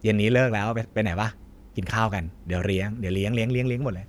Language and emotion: Thai, neutral